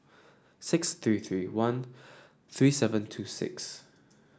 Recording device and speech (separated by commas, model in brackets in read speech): standing microphone (AKG C214), read sentence